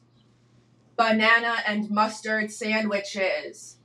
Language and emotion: English, neutral